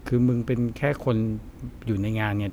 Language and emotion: Thai, frustrated